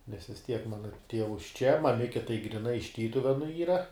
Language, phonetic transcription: Lithuanian, nes vis ˈtiek ˈmana ˈtievus čia maˈmike tai griˈnai iš ˈtytuvenu ˈyra

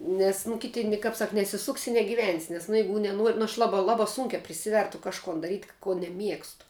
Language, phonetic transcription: Lithuanian, ˈnes nu ˈkiti ni kap ˈsak nesiˈsuksi i negiˈvensi nes nu ˈjeigu neˈnuor' nu aš ˈlaba ˈlaba sunkiā priˈsivertu kažˈkon daˈryt' ko neˈmiegstu

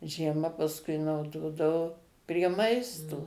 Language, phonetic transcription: Lithuanian, žieˈma pasˈkui nauˈdodavo prie ˈmaisto

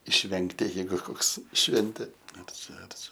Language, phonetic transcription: Lithuanian, išˈvengti jeiˈgu ˈkoks ˈšventė ar ˈčia ar ˈčia

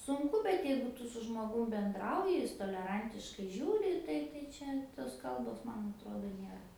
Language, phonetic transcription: Lithuanian, sunˈku bet ˈjeigu ˈtu su žmoˈgum benˈdrauji ˈjis toleˈrantiškai ˈžiūri ˈtai tai ˈčia tos ˈkalbos ˈman atˈrodo ˈnėra

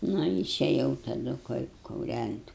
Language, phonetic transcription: Lithuanian, ˈnu išeˈjau taˈdu ku kuˈrænt'

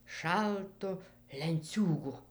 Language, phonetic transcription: Lithuanian, ˈšaltu lenˈciūgu

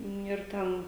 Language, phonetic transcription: Lithuanian, ˈniu ir ˈten

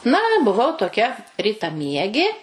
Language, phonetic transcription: Lithuanian, na buˈvau toˈkia ˌrytaˈmiegė

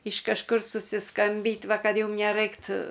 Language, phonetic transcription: Lithuanian, iš kažˈkur susiˈskambyt' ˈva ˈkad ˈjum neˈraiktu

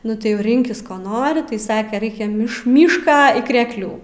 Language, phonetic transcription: Lithuanian, ˈnu tai jau ˈrinkis ˈko ˈnori tai ˈsake ˈraikia ˈmiš ˈmyšką y krekˈlių

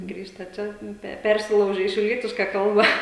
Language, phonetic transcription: Lithuanian, ˈgrįžta ˈčia ˈpe ˈpersilaužia į šiauˈlietiška ˈkalba

